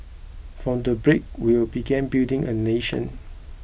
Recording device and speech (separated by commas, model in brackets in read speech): boundary microphone (BM630), read sentence